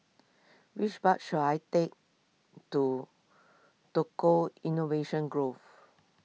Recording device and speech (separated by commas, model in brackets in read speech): mobile phone (iPhone 6), read sentence